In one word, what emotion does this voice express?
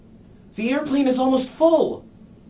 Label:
fearful